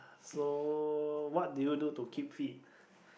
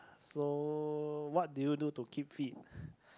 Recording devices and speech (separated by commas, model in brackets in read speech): boundary microphone, close-talking microphone, conversation in the same room